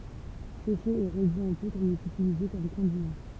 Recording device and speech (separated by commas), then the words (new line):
temple vibration pickup, read sentence
Séché et réduit en poudre, il est utilisé comme condiment.